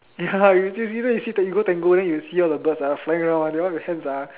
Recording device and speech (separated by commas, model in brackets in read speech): telephone, conversation in separate rooms